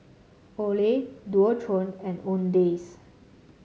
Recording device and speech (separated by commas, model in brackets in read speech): mobile phone (Samsung C7), read sentence